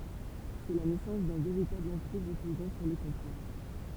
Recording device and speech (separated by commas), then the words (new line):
temple vibration pickup, read sentence
C'est la naissance d'un véritable empire reposant sur les comptoirs.